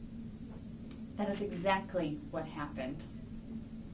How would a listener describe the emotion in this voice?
angry